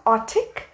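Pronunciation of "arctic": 'Arctic' is pronounced incorrectly here.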